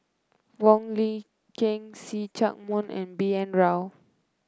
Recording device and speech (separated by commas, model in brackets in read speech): close-talking microphone (WH30), read sentence